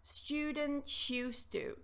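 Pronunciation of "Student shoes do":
In "students used to", the s at the end of "students" and the y sound at the start of "used" change into a sh sound, so it sounds like "student shoes do".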